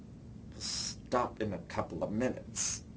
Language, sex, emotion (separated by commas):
English, male, angry